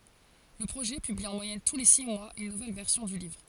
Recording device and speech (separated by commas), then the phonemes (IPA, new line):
forehead accelerometer, read sentence
lə pʁoʒɛ pybli ɑ̃ mwajɛn tu le si mwaz yn nuvɛl vɛʁsjɔ̃ dy livʁ